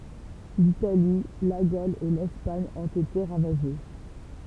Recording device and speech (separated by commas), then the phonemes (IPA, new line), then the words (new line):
temple vibration pickup, read sentence
litali la ɡol e lɛspaɲ ɔ̃t ete ʁavaʒe
L'Italie, la Gaule et l'Espagne ont été ravagées.